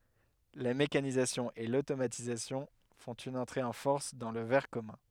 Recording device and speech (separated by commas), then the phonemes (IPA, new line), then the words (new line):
headset microphone, read sentence
la mekanizasjɔ̃ e lotomatizasjɔ̃ fɔ̃t yn ɑ̃tʁe ɑ̃ fɔʁs dɑ̃ lə vɛʁ kɔmœ̃
La mécanisation et l'automatisation font une entrée en force dans le verre commun.